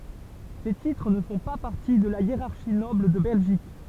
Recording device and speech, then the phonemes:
temple vibration pickup, read sentence
se titʁ nə fɔ̃ pa paʁti də la jeʁaʁʃi nɔbl də bɛlʒik

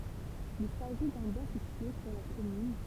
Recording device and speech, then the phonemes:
temple vibration pickup, read sentence
il saʒi dœ̃ bwa sitye syʁ la kɔmyn

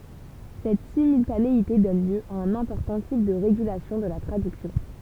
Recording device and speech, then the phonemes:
temple vibration pickup, read sentence
sɛt simyltaneite dɔn ljø a œ̃n ɛ̃pɔʁtɑ̃ tip də ʁeɡylasjɔ̃ də la tʁadyksjɔ̃

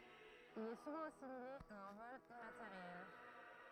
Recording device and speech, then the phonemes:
throat microphone, read sentence
il ɛ suvɑ̃ asimile a œ̃ vɔl immateʁjɛl

